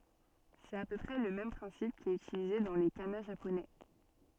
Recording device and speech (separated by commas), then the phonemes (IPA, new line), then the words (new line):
soft in-ear microphone, read sentence
sɛt a pø pʁɛ lə mɛm pʁɛ̃sip ki ɛt ytilize dɑ̃ le kana ʒaponɛ
C'est à peu près le même principe qui est utilisé dans les kana japonais.